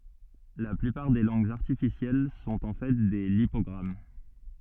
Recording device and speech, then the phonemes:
soft in-ear microphone, read sentence
la plypaʁ de lɑ̃ɡz aʁtifisjɛl sɔ̃t ɑ̃ fɛ de lipɔɡʁam

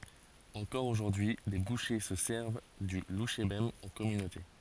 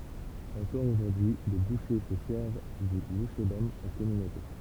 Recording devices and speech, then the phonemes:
forehead accelerometer, temple vibration pickup, read sentence
ɑ̃kɔʁ oʒuʁdyi le buʃe sə sɛʁv dy luʃebɛm ɑ̃ kɔmynote

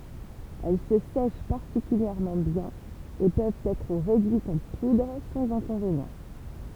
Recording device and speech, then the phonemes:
temple vibration pickup, read sentence
ɛl sə sɛʃ paʁtikyljɛʁmɑ̃ bjɛ̃n e pøvt ɛtʁ ʁedyitz ɑ̃ pudʁ sɑ̃z ɛ̃kɔ̃venjɑ̃

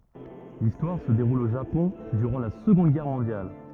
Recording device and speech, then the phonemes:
rigid in-ear microphone, read sentence
listwaʁ sə deʁul o ʒapɔ̃ dyʁɑ̃ la səɡɔ̃d ɡɛʁ mɔ̃djal

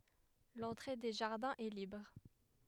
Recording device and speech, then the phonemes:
headset microphone, read sentence
lɑ̃tʁe de ʒaʁdɛ̃z ɛ libʁ

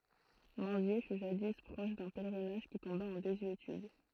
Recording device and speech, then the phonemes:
throat microphone, read sentence
mɛ̃zje fy ʒadi pʁɔʃ dœ̃ pɛlʁinaʒ ki tɔ̃ba ɑ̃ dezyetyd

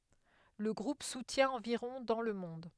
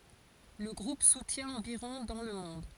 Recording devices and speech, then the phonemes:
headset microphone, forehead accelerometer, read sentence
lə ɡʁup sutjɛ̃ ɑ̃viʁɔ̃ dɑ̃ lə mɔ̃d

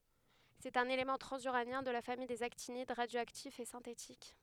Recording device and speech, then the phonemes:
headset microphone, read sentence
sɛt œ̃n elemɑ̃ tʁɑ̃zyʁanjɛ̃ də la famij dez aktinid ʁadjoaktif e sɛ̃tetik

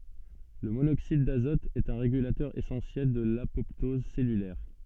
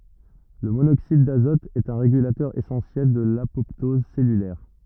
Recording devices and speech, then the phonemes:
soft in-ear microphone, rigid in-ear microphone, read sentence
lə monoksid dazɔt ɛt œ̃ ʁeɡylatœʁ esɑ̃sjɛl də lapɔptɔz sɛlylɛʁ

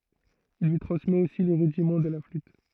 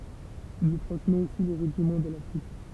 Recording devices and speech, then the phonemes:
throat microphone, temple vibration pickup, read sentence
il lyi tʁɑ̃smɛt osi le ʁydimɑ̃ də la flyt

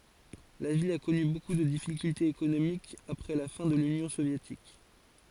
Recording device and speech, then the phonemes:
forehead accelerometer, read sentence
la vil a kɔny boku də difikyltez ekonomikz apʁɛ la fɛ̃ də lynjɔ̃ sovjetik

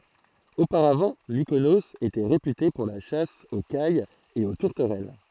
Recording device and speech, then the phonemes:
throat microphone, read sentence
opaʁavɑ̃ mikonoz etɛ ʁepyte puʁ la ʃas o kajz e o tuʁtəʁɛl

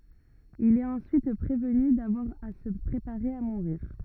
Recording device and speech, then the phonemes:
rigid in-ear microphone, read sentence
il ɛt ɑ̃syit pʁevny davwaʁ a sə pʁepaʁe a muʁiʁ

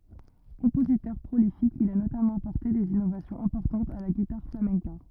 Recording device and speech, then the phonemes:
rigid in-ear microphone, read sentence
kɔ̃pozitœʁ pʁolifik il a notamɑ̃ apɔʁte dez inovasjɔ̃z ɛ̃pɔʁtɑ̃tz a la ɡitaʁ flamɛ̃ka

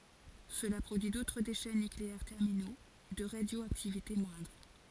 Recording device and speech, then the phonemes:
forehead accelerometer, read sentence
səla pʁodyi dotʁ deʃɛ nykleɛʁ tɛʁmino də ʁadjoaktivite mwɛ̃dʁ

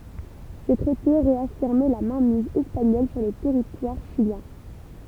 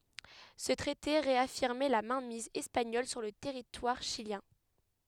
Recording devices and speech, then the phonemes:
temple vibration pickup, headset microphone, read sentence
sə tʁɛte ʁeafiʁmɛ la mɛ̃miz ɛspaɲɔl syʁ lə tɛʁitwaʁ ʃiljɛ̃

